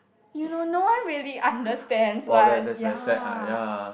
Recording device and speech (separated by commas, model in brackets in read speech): boundary microphone, conversation in the same room